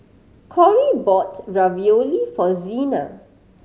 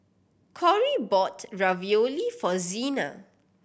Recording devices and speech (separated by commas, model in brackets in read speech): mobile phone (Samsung C5010), boundary microphone (BM630), read sentence